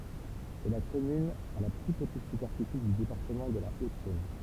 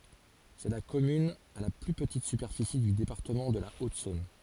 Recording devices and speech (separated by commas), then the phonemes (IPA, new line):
temple vibration pickup, forehead accelerometer, read sentence
sɛ la kɔmyn a la ply pətit sypɛʁfisi dy depaʁtəmɑ̃ də la otzɔ̃n